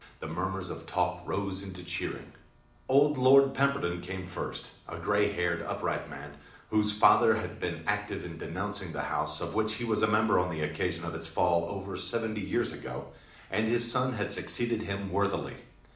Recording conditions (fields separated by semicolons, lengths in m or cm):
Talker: one person; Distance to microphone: 2.0 m; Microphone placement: close; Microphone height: 99 cm; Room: medium-sized (5.7 m by 4.0 m); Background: none